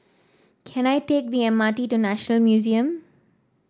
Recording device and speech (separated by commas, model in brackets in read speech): standing microphone (AKG C214), read sentence